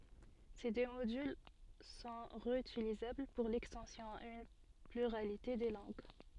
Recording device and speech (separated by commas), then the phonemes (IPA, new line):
soft in-ear microphone, read sentence
se dø modyl sɔ̃ ʁeytilizabl puʁ lɛkstɑ̃sjɔ̃ a yn plyʁalite də lɑ̃ɡ